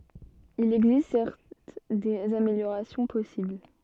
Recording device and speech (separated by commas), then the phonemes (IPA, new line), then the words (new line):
soft in-ear microphone, read sentence
il ɛɡzist sɛʁt dez ameljoʁasjɔ̃ pɔsibl
Il existe certes des améliorations possibles.